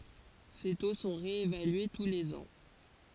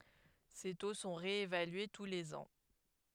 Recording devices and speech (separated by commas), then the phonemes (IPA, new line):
forehead accelerometer, headset microphone, read sentence
se to sɔ̃ ʁeevalye tu lez ɑ̃